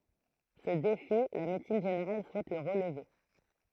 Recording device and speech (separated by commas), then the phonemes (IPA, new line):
throat microphone, read sentence
sə defi la medəsin ʒeneʁal suɛt lə ʁəlve